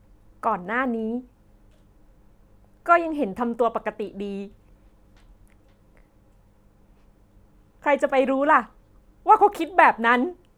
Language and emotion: Thai, sad